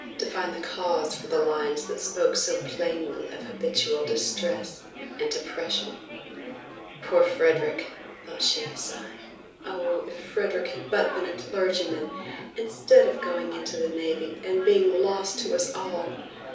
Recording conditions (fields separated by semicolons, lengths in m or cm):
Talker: one person; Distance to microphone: 3.0 m; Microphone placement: far; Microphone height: 1.8 m; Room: small (3.7 m by 2.7 m); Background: babble